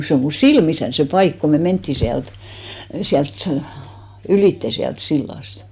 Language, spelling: Finnish, se on minun silmissäni se paikka kun me mentiin sieltä sieltä - ylitse sieltä sillasta
- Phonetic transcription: 'se o mu "silmisän se 'paik ko me 'menttì siält , 'siält sᵃ- , 'ylìtte siält 'sillàst .

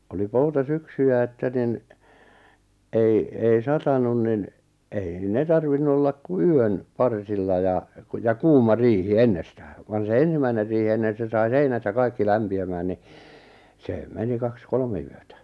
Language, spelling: Finnish, oli poutasyksyjä että niin ei ei satanut niin ei ne tarvinnut olla kuin yön parsilla ja kun ja kuuma riihi ennestään vaan se ensimmäinen riihi niin että se sai seinät ja kaikki lämpiämään niin se meni kaksi kolme yötä
- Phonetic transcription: oli 'pouta'syksyjä että nin , 'ei , ei 'satanun nin , ei 'ne tarvinnu ollak ku "yön , 'parsilla ja , ku ja "kuuma "riihi "ennestää , van se 'ensimäiner riihi (ni et) 'se sai "seinät ja "kaikki 'lämpi₍ämään ni , see 'meni 'kaks "kolme yötä .

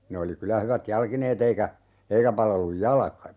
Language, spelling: Finnish, ne oli kyllä hyvät jalkineet eikä eikä palellut jalka
- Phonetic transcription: 'ne oli kylä 'hyvät "jalkineet ‿eikä , 'eikä palelluj "jalᵃka .

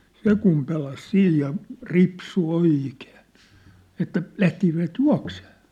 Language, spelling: Finnish, se kun pelasi siinä ja ripsui oikein että lähtisivät juoksemaan
- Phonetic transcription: se kum 'pelas "siij ja , 'ripsu "oìkeen̬ , 'että , 'lähtisivät "jua̭ksee .

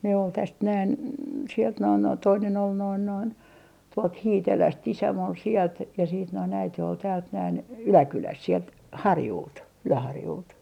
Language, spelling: Finnish, ne oli tästä näin sieltä noin noin toinen oli noin noin tuolta Hiitelästä isäni oli sieltä ja sitten noin äiti oli täältä näin Yläkylästä sieltä Harjulta Yläharjulta
- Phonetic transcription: ne ol täst näin , sielt noin noin toinen ‿ol noin noin , tuolt "Hiiteläst 'isäm ‿ol sielt ja siit noin 'äite ol täält näin , "Yläkyläst sielt , "Harjult , 'Yläharjult .

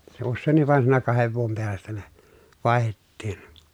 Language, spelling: Finnish, se useinkin vaan siinä kahden vuoden päästä ne vaihdettiin
- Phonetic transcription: se ussèiǹiv vàen siinä kahev vuom peästä ne , vài̮hettiin .

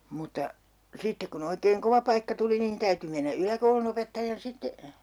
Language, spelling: Finnish, mutta sitten kun oikein kova paikka tuli niin täytyi mennä yläkoulunopettajan sitten
- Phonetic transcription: mutta , 'sittek ku'n ‿oikeeŋ "kova paikka tuli nin 'täyty mennä 'yläkoulunopettajan 'sitte , .

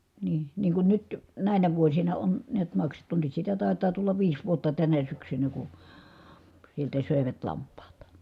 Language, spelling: Finnish, niin niin kun nyt näinä vuosina on näet maksettu nyt sitä taitaa tulla viisi vuotta tänä syksynä kun sieltä söivät lampaat
- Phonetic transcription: nii , niiŋ kun nyt , nä̀inä vuosina on , niät maksettu nyt sitä tàetaa tullav viis vuotta tänä syksynä ku , sieltä sö̀evät lamp̆paat .

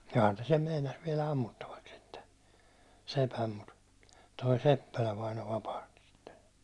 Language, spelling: Finnish, johan ne sen meinasi viedä ammuttavaksi sitten sepän mutta tuo Seppälä vainaja vapahti sitten
- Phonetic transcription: johan ne sem 'meinas viɛlä 'ammuttavaks̆ sitte , 'sepäm mut , toi "Seppälä vaino vapahtɪ sɪttᴇ .

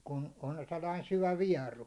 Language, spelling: Finnish, kun on sellainen syvä vieru
- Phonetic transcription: kun on 'sellain 'syvä "viɛru .

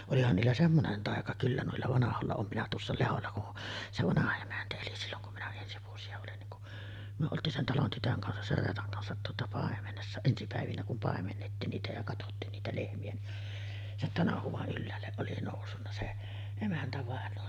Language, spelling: Finnish, olihan niillä semmoinen taika kyllä noilla vanhoilla olen minä tuossa Lehdolla kun se vanha emäntä eli silloin kun minä ensi vuosia olin niin kun me oltiin sen talon tytön kanssa sen Reetan kanssa tuota paimenessa ensi päivinä kun paimennettiin niitä ja katsottiin niitä lehmiä niin sen tanhuan ylhäälle oli noussut se emäntävainaja
- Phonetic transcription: 'olihan niillä 'semmonen tàeka "kyllä 'nuilla vanaholla 'oom minä tuossa 'leholla kun , se 'vanaha emäntä eli 'silloŋ kum minä ensi vuosi₍a olin niŋ ku , 'myö 'olt̀iin sen 'talon tytöŋ kansas 'ser "Reetaŋ kansat tuota 'pàemenessa , ensi pä̀evinä kum 'pàemennettiin niitä ja 'katottiin niitä 'lehmi₍ä ni , sen "tanahuᵛaˀ 'ˀylläälleˀ ˀoli nòussunna se 'emäntävàenoo .

